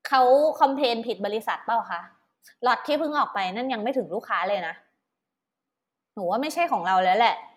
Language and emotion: Thai, frustrated